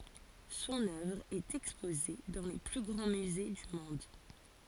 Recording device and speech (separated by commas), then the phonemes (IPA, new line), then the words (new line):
forehead accelerometer, read sentence
sɔ̃n œvʁ ɛt ɛkspoze dɑ̃ le ply ɡʁɑ̃ myze dy mɔ̃d
Son œuvre est exposée dans les plus grands musées du monde.